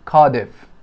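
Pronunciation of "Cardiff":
'Cardiff' is pronounced correctly here, with the stress on the first syllable.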